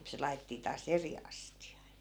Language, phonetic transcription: Finnish, 'se lai̮ᵗᵉttii taa"s ‿eri astija(a) .
- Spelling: se laitettiin taas eri astiaan

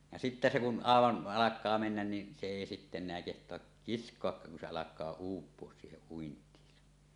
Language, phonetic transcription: Finnish, ja sittä se kun "'àevan , 'alak̆kaa mennän ni , se èi sitte en̆neä keht̀oak "kisk̀oakkaak kun se 'alak̆kaa "uup̀uos 'siiheˀ ˀuint̀iisa .
- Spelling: ja sitten se kun aivan alkaa mennä niin se ei sitten enää kehtaa kiskoakkaan kun se alkaa uupua siihen uintiinsa

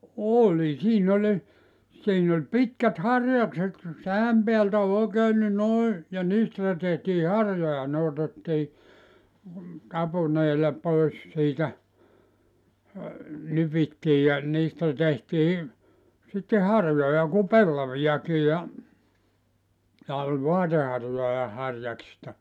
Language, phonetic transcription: Finnish, 'òĺi siin ‿oĺ , siin ‿oĺ 'pitkät "harjakset , 'sä₍äm peältä ol 'òekeen ni 'noi , ja 'niistä tehtii "harjoja ne otettii , 'tapuneela 'pois siitä , 'nypittii ja , 'niistä 'tehtii , sitte "harjoja ku "pellavijaki ja , ja oĺ "voateharjoja 'harjaksista .
- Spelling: oli siinä oli siinä oli pitkät harjakset sä'än päältä oli oikein niin noin ja niistä tehtiin harjoja ne otettiin tapuneella pois siitä nypittiin ja niistä tehtiin sitten harjoja kuin pellaviakin ja ja oli vaateharjoja harjaksista

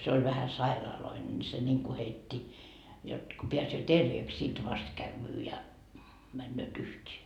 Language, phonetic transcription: Finnish, se oĺ vähä 'sairaaloine ni se ńiŋku 'heitti , jot , ko 'peäsöö "terveeks , 'sit 'vast kävvyy ja , männööt 'yht́ee .
- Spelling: se oli vähän sairaalloinen niin se niin kuin heitti jotta kun pääsee terveeksi sitten vasta käy ja menevät yhteen

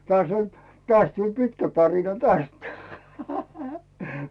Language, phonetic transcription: Finnish, 'tᵒàs oĺ , 'tᵒas tuĺ 'pitkä tarina "täst .
- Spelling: taas oli taas tuli pitkä tarina tästä

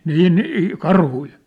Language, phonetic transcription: Finnish, 'nii nii₍i , 'karhui ?
- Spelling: niin niin karhuja

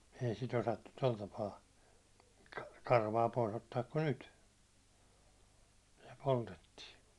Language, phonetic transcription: Finnish, 'ei sit 'osattut 'toi´l tapaa 'karvaa pois ‿ottaak kun "nyt , se 'poltettii .
- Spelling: ei sitä osattu tuolla tapaa karvaa pois ottaa kuin nyt se poltettiin

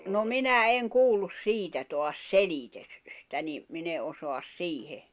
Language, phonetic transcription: Finnish, no "minä 'eŋ 'kuullus "siitä toas "selitös- , -tä ni , 'min ‿e ’osoas "siihe .
- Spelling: no minä en kuullut siitä taas - selitystä niin minä en osaa siihen

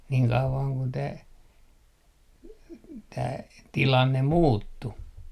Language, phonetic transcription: Finnish, 'niiŋ 'kauvaŋ kun tää , tää "tilanne 'muuttu .
- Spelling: niin kauan kuin tämä tämä tilanne muuttui

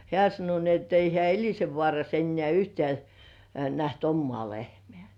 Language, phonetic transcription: Finnish, 'hĕä̀ sano ni et ei 'hĕä̀ "Eĺisevvŏàras ennĕ§ä̀ "yhtĕ§ä̀ , näht 'ommŏà lehmĕä̀ .
- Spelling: hän sanoi niin että ei hän Elisenvaarassa enää yhtään nähnyt omaa lehmää

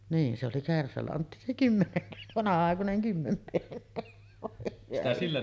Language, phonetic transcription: Finnish, niin , se oli 'kärsälantti se 'kymmempe- vòe hyvä ihme .
- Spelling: niin se oli kärsälantti se - voi hyvä ihme

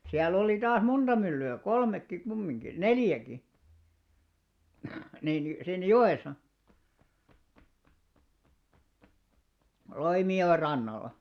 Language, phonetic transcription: Finnish, siäl'l ‿oli 'taas "monᴅa mylly₍ä , 'kolmekki 'kummiŋɢi , "neljäki , niin ni , siin "jo₍èsa , 'Loimijo₍e rannalla .
- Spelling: siellä oli taas monta myllyä kolmekin kumminkin neljäkin niin niin siinä joessa Loimijoen rannalla

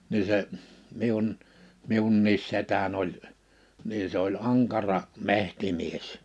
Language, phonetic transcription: Finnish, nii se , 'miun , 'miunniis 'setän ‿oĺ , 'nii se ‿oĺ "aŋkara , 'mehtimies .
- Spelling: niin se minun minunkin setäni oli niin se oli ankara metsämies

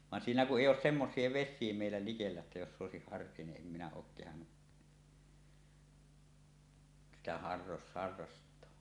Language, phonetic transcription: Finnish, van 'siinä kuˀ "ˀèij̆j ‿oos 'semmos̀ie 'ves̆síe mèillä likellä että joss ‿òesik 'harrie ni’ ’em minä ook kehannu , sitä harras- harrastoa .
- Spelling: vaan siinä kun ei ole semmoisia vesiä meillä likellä että jossa olisi harreja niin en minä ole kehdannut sitä - harrastaa

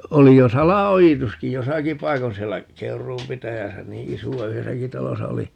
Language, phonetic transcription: Finnish, 'oli jo "sala₍ojituski "josaki paikon siellä , "Keur̀uum 'pitäjäsä "nii 'isu₍a - "yhesäki 'talosa oli , .
- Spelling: oli jo salaojituskin jossakin paikoin siellä Keuruun pitäjässä niin isoa yhdessäkin talossa oli

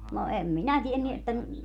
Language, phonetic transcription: Finnish, no 'em minä 'tienny että ,.
- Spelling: no en minä tiennyt että

